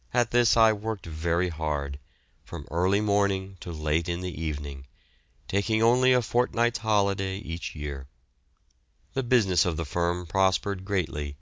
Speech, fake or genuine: genuine